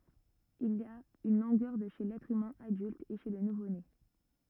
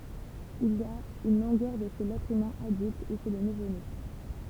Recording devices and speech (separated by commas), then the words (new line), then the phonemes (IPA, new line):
rigid in-ear microphone, temple vibration pickup, read sentence
Il a une longueur de chez l'être humain adulte et chez le nouveau-né.
il a yn lɔ̃ɡœʁ də ʃe lɛtʁ ymɛ̃ adylt e ʃe lə nuvone